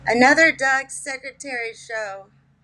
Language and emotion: English, fearful